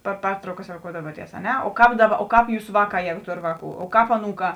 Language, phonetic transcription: Lithuanian, par ˈpertraukas roˈkoudavuoties a ˈne o ˈkāp ˈdaˌba o ˈkāp ˈjūsa ˈvaˌkā ˈjegu ˈtor ˈvaˌkų o ˈkāp aˈnūˌkā

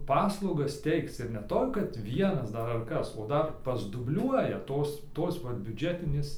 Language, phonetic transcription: Lithuanian, ˈpaslaugas ˈteikc ir ne ˈtoj kad ˈvienas ˈdar ar ˈkas o ˈdar pasdubˈliuoja ˈtos ˈtos va biuˈdžetinės

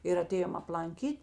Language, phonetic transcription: Lithuanian, ir aˈtėjom aplanˈkyt'

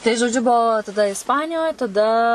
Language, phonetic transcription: Lithuanian, tai žoˈdžiu buˈvau taˈda isˈpanijoj taˈda

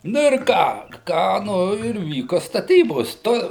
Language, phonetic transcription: Lithuanian, ˈnu ir ˈką ˈką ˈnu ir ˈvyko staˈtybos ˈto

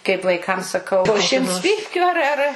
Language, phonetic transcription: Lithuanian, kaip vaiˈkam saˈkau po ˈšimts ˈpypkiu ˈar ˈar

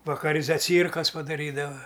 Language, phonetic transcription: Lithuanian, vakaˈri zaˈcyrkas padaˈrydava

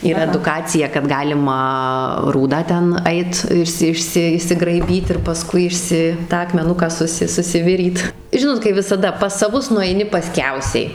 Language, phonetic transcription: Lithuanian, yˈra eduˈkacija kad ˈgalima ˈrūdą ˈten ˈait ˈišsi ˈišsi išsigraiˈbyt ir paˈskui išˈsi ˈtą akmeˈnuką ˈsusi susiˈviryt ˈžinot kai visaˈda pas saˈvus nueiˈni paˈskiausiai

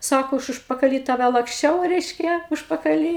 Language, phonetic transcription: Lithuanian, ˈsako ˈaš užpakaˈly ˈtave laksˈčiau ˈreiškia užpakaˈly

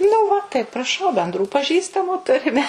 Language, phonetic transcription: Lithuanian, nu ˈva tai praˈšau benˈdrų paˈžįstamų ˈturime

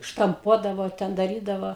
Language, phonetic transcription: Lithuanian, štamˈpuodavo ˈten daˈrydavo

